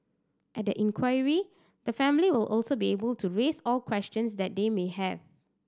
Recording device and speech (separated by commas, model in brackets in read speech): standing microphone (AKG C214), read sentence